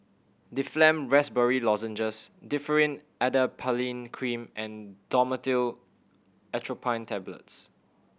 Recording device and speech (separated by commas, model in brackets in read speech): boundary microphone (BM630), read sentence